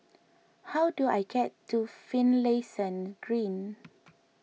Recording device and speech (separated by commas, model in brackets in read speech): mobile phone (iPhone 6), read sentence